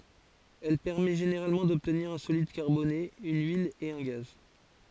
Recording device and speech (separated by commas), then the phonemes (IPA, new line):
forehead accelerometer, read sentence
ɛl pɛʁmɛ ʒeneʁalmɑ̃ dɔbtniʁ œ̃ solid kaʁbone yn yil e œ̃ ɡaz